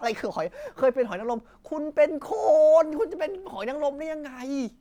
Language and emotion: Thai, frustrated